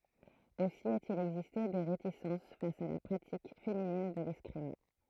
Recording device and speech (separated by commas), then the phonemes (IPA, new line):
throat microphone, read sentence
osi a te il ɛɡziste de ʁetisɑ̃s fas a la pʁatik feminin də lɛskʁim